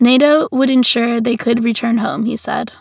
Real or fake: real